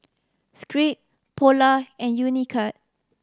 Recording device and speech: standing microphone (AKG C214), read sentence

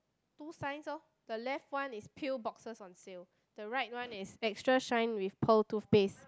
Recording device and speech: close-talking microphone, conversation in the same room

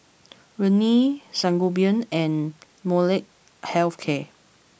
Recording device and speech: boundary microphone (BM630), read sentence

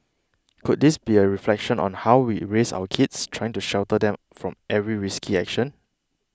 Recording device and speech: close-talking microphone (WH20), read sentence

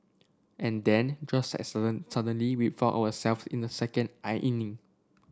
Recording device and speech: standing microphone (AKG C214), read sentence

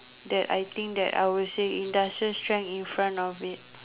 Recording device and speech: telephone, conversation in separate rooms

